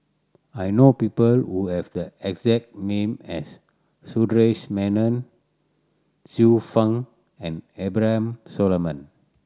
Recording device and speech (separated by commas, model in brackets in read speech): standing microphone (AKG C214), read sentence